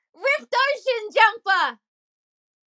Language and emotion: English, happy